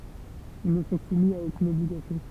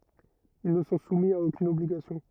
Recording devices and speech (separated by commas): temple vibration pickup, rigid in-ear microphone, read sentence